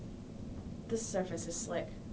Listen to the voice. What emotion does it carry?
neutral